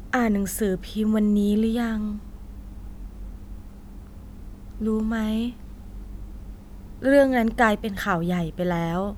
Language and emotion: Thai, sad